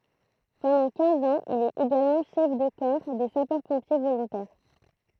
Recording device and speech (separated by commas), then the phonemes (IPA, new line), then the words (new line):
throat microphone, read sentence
pɑ̃dɑ̃ kɛ̃z ɑ̃z il ɛt eɡalmɑ̃ ʃɛf də kɔʁ de sapœʁ pɔ̃pje volɔ̃tɛʁ
Pendant quinze ans, il est également chef de corps des sapeurs-pompiers volontaires.